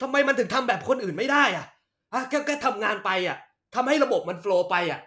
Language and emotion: Thai, angry